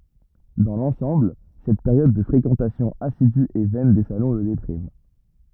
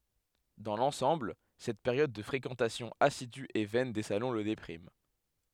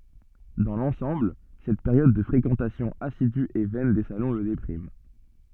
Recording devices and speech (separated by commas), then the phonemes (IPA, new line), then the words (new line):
rigid in-ear microphone, headset microphone, soft in-ear microphone, read sentence
dɑ̃ lɑ̃sɑ̃bl sɛt peʁjɔd də fʁekɑ̃tasjɔ̃ asidy e vɛn de salɔ̃ lə depʁim
Dans l’ensemble, cette période de fréquentation assidue et vaine des salons le déprime.